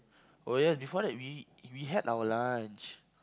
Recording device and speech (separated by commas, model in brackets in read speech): close-talking microphone, conversation in the same room